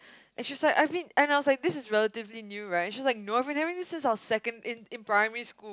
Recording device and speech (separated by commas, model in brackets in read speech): close-talking microphone, conversation in the same room